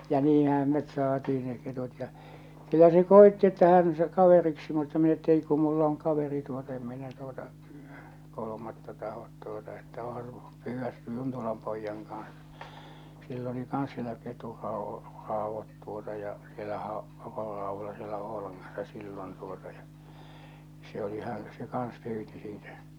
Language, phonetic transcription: Finnish, ja 'niihäm met 'saatii ne ketut ja , kyllä se 'koetti että 'hän se 'kaveriksi mutta min ‿että » 'ei ku 'mullᵃ ‿oŋ 'kaveri tuot- 'em minä tuota , 'kolomatta 'tahot tuota että oo̰ha su- , 'pyyvvä , 'Juntolam poijjaŋ kaa̰s « , sill ‿oli 'kans sielä 'keturrao- , 'ràovvat tuota ja , siellähä o , 'keturráovvola siellä 'Oolaŋŋassa sillon tuota ja , se oli hän̬ , se 'kans 'pyyti siitä , tä̆tä̆ 'kettᴜ- .
- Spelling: ja niinhän me saatiin ne ketut ja kyllä se koetti että hän se kaveriksi mutta minä että ei kun minulla on kaveri - en minä tuota kolmatta tahdo tuota että onhan - pyydä Juntolan pojan kanssa sillä oli kanssa siellä - ketunraudat tuota ja siellähän on ketunraudoilla siellä Oulangassa silloin tuota ja se oli hän se kanssa pyysi siitä tätä -

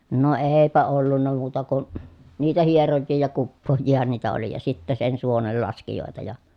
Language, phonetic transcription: Finnish, no eepä ollunna muuta kun , niitä hierojjii ja kuppooj̆jiihan niitä oli ja sittä sen suonellaskijòeta ja .
- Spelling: no eipä ollut muuta kuin niitä hierojia ja kuppaajiahan niitä oli ja sitten sen suonenlaskijoita ja

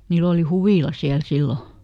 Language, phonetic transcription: Finnish, ˈniill ‿oli "huvìla ˈsiäl ˈsillo .
- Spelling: niillä oli huvila siellä silloin

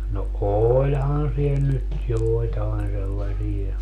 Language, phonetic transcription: Finnish, no 'ooĺhan siel nyt 'jòitaen sellasie .
- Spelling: no olihan siellä nyt joitain sellaisia

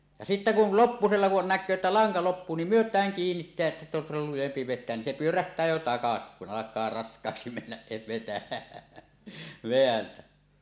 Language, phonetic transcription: Finnish, ja 'sittä kul "loppusella kun "näk̆köö että 'laŋka 'loppuu nim "myöt̀ääŋ 'kiinnitteä’ ’että se on sillol lujempi vet̆teän nin 'se "pyöräht̀ää 'jo "takasi , kun "alak̆kaa 'rask̀aaksi mennäs se vetä- , "veäntä .
- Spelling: ja sitten kun lopuksi kun näkee että lanka loppuu niin myötään kiinnittää että se on silloin lujempi vetää niin se pyörähtää jo takaisin kun alkaa raskaaksi mennä se - vetää

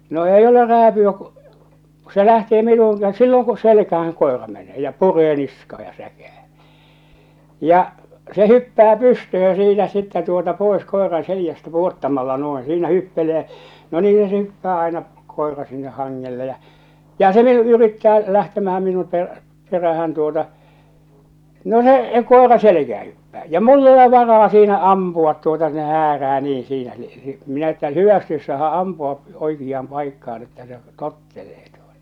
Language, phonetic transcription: Finnish, no 'eij ‿ole 'rääpy₍ä kᴜ , ku se lähtee 'minuuŋ kä- , silloŋ ku selkähäŋ kòera menee ja 'puree 'niskaa ja 'säkää , ja , se 'hyppää 'pystöhö jä 'siinä 'sittä tuota 'pòes 'koeraa̰ 'selⁱjästä 'puottamalla 'no̭eḛ 'siinä 'hyppele̳ jä , no 'niihä se 'hyppää aena , 'koera 'sinneh 'haŋŋelle jä͔ , ja 'se vie'l ‿yrittää , 'lähtemähäm 'minum per- , 'perähän tuota , 'no 'se , 'kòera "selekää hyppää ja "mul'l ‿ole 'varaa siinä 'ampu₍at tuota ne "häärää 'niiḭ 'siinä ni , minä ‿että , "hyvästi ois 'saaha’ 'ampua’ , 'oikijjaam 'paikkaan että se , "tottelee tᴜᴏtᴀ .
- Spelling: no ei ole rääpyä kun kun se lähtee minuun - silloin kun selkään koira menee ja puree niskaa ja säkää ja se hyppää pystyyn ja siinä sitten tuota pois koiran selästä pudottamalla noin siinä hyppelee ja no niinhän se hyppää aina koira sinne hangelle ja ja se vielä yrittää lähtemään minun - perään tuota no se koira selkään hyppää ja minulla ole varaa siinä ampua tuota ne häärää niin siinä niin minä että hyvästi olisi saada ampua oikeaan paikkaan että se tottelee tuota

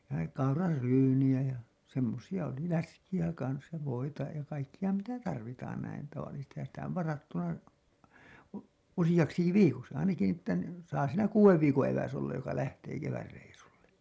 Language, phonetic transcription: Finnish, ja 'kaurar'ryyniʲä jä , semmosija oli , 'läskijä kans ja 'voita , ja kaikkija mitä "tarvitaan näin , tavallisestihan sitä ov 'varattava , 'usijaksiki "viikoksi ainaki ni ‿että ni , saa siinä "kuuwev viikoo̰ eväs ollaj joka 'lähtee 'kevärreisulle .
- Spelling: ja kauraryynejä ja semmoisia oli läskiä kanssa ja voita ja kaikkia mitä tarvitaan näin tavallisestihan sitä on varattava useaksikin viikoksi ainakin niin että niin saa siinä kuuden viikon eväs olla joka lähtee kevätreissulle

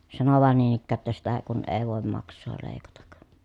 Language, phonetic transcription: Finnish, sano vàen niin ‿ikkää ‿ttä » sitä , kun èi̮ vòem maks̆soo lèi̮katak » .
- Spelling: sanoi vain niin ikään että sitä kun ei voi maksaa leikata

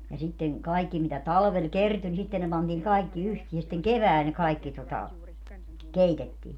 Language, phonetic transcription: Finnish, ja 'sitteŋ , 'kaikki mitä "talvel 'kerty ni 'sitten ne pantiiŋ 'kai̮kki 'yhtii ja sⁱtteŋ "kevääl ne 'kaikki tota , "keitettii .
- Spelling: ja sitten kaikki mitä talvella kertyi niin sitten ne pantiin kaikki yhteen ja sitten keväällä ne kaikki tuota keitettiin

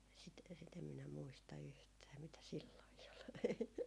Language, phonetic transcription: Finnish, sit , sit ‿em minä muista yhtää mitä silloi ol .
- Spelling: sitä sitä en minä muista yhtään mitä silloin oli

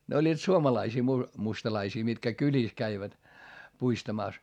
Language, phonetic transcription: Finnish, ne oĺĺiit suomalaisii mu- , mustalaisii mitkä kyĺìs käivät , puistamàs .
- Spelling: ne olivat suomalaisia - mustalaisia mitkä kylissä kävivät puistamassa

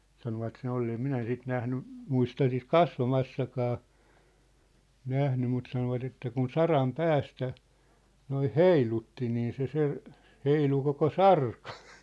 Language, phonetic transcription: Finnish, 'sanovat se'n ‿ollee em 'minä 'sit 'nähny , 'muista sit "kasva'massakaa , 'nähny mut sanovat että kun "saram "päästä , noih "heilutti nii se se , 'heilu koko "sarkᴀ .
- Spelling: sanoivat sen olleen en minä sitä nähnyt muista sitten kasvamassakaan nähnyt mutta sanoivat että kun saran päästä noin heilutti niin se se heilui koko sarka

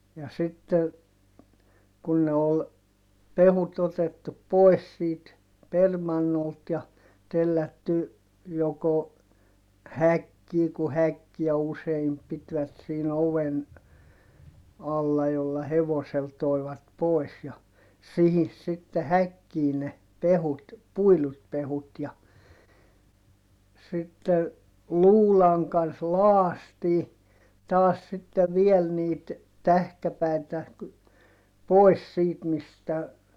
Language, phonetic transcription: Finnish, ja sitte , kun ne ol , pevut otettup̆ poes siit , permannolt ja , tellätty , joko , häkkii ku häkkiä useim pitvät siin ‿oven , alla jolla hevosel toi̮vat pòis ja , sihis sitte häkkii ne , pehut , puilut pehut ja , sitte , luulaŋ kans loastii , taas sitte viel niit , tähkäpä̀itä , poi̮s siit mistä ,.
- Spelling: ja sitten kun ne oli pehkut otettu pois siitä permannolta ja tellätty joko häkkiin kun häkkiä usein pitivät siinä oven alla jolla hevosella toivat pois ja siihen sitten häkkiin ne pehkut puidut pehkut ja sitten luudan kanssa lakaistiin taas sitten vielä niitä tähkäpäitä pois siitä mistä

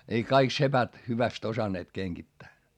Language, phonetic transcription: Finnish, ei kaik sepät , hyväst osanneet keŋGittää .
- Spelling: ei kaikki sepät hyvästi osanneet kengittää

